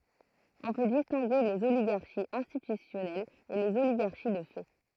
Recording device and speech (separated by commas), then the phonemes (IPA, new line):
throat microphone, read sentence
ɔ̃ pø distɛ̃ɡe lez oliɡaʁʃiz ɛ̃stitysjɔnɛlz e lez oliɡaʁʃi də fɛ